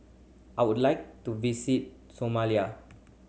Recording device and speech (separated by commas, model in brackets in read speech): mobile phone (Samsung C7100), read sentence